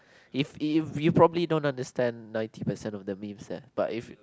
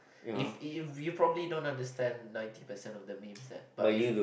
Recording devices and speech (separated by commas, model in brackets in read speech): close-talking microphone, boundary microphone, conversation in the same room